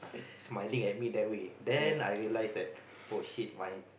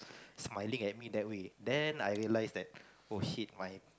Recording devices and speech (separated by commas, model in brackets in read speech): boundary microphone, close-talking microphone, conversation in the same room